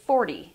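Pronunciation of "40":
In 'forty', said the American English way, the t sounds like a d.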